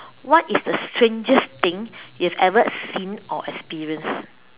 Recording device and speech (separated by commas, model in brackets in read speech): telephone, conversation in separate rooms